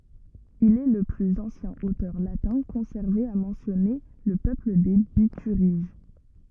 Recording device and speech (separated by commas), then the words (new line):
rigid in-ear microphone, read sentence
Il est le plus ancien auteur latin conservé à mentionner le peuple des Bituriges.